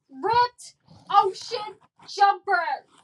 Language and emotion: English, angry